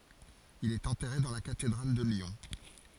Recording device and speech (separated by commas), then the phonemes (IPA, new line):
forehead accelerometer, read sentence
il ɛt ɑ̃tɛʁe dɑ̃ la katedʁal də ljɔ̃